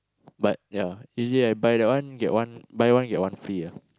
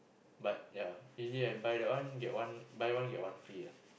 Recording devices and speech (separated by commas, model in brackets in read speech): close-talking microphone, boundary microphone, conversation in the same room